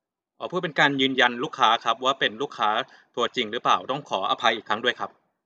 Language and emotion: Thai, neutral